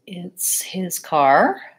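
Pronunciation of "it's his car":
In 'it's his car', the stress falls on 'car', the most important word.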